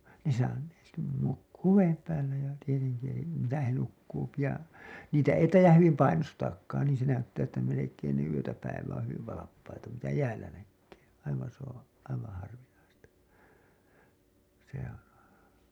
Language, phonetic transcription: Finnish, ne sa- , ne nukkuu "veem 'päällä ja , tieteŋki , elim misä he 'nukkuupi ja , 'niitä ei 'taij̆jah hyvim "painostaakkaan niin̬ se 'näyttää että melek̀een ne yötä päiv̀ä oo̰ hyviv 'valappaita , mitä 'jäällä näkkee , aivaa̰ s ‿ooo̰ , aivaa̰ harvinaista , se on̬ .
- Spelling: ne - ne nukkuu veden päällä ja tietenkin eli missä he nukkuu ja niitä ei taida hyvin painostaakaan niin se näyttää että melkein ne yötä päivää on hyvin valppaita mitä jäällä näkee aivan se on aivan harvinaista se on

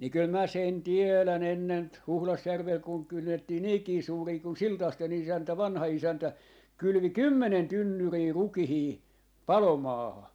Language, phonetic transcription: Finnish, ni kyl mä 'sen "tielän ‿ennen ‿t- , 'Huhlasjärvel kuŋ 'kynnettii "niikii 'suurii kun "Siltàste'n ‿isäntä "vanha 'isäntä , 'kylʸvi "kymmenen 'tynnyrii "rukihii , "palomaaha .
- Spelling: niin kyllä minä sen tiedän ennen - Huhdasjärvellä kun kynnettiin niinkin suuria kun Siltasten isäntä vanha isäntä kylvi kymmenen tynnyriä rukiita palomaahan

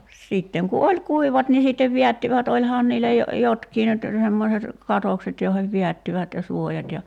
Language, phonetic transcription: Finnish, 'sitteŋ ku "oĺ 'kuivat ni sittev 'viättivät 'oĺhaan niillä jo- , 'jotkii nyt , semmoset , 'katokset joihev 'viättivät ja 'suojat ja ,.
- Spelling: sitten kun oli kuivat niin sitten vedättivät olihan niillä - jotkin nyt semmoiset katokset joihin vedättivät ja suojat ja

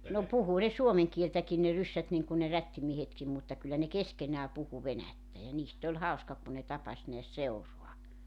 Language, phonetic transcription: Finnish, no , 'puhu ne 'suomeŋ kieltäkin ne 'ryssät niŋku ne 'rättimiehetkim mutta kyllä ne "keskenää 'puhu 'venättä ja 'niist ‿oĺ 'hauska kun ne 'tapas neäs 'seurua .
- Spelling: no puhui ne suomen kieltäkin ne ryssät niin kuin ne rättimiehetkin mutta kyllä ne keskenään puhui venäjää ja niistä oli hauska kun ne tapasi näet seuraa

